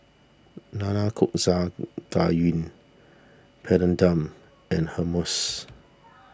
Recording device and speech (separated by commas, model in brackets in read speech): standing microphone (AKG C214), read sentence